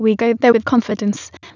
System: TTS, waveform concatenation